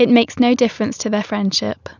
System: none